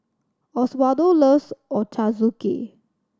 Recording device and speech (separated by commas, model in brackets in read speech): standing microphone (AKG C214), read sentence